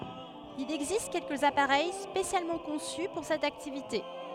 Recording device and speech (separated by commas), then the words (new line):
headset microphone, read sentence
Il existe quelques appareils spécialement conçus pour cette activité.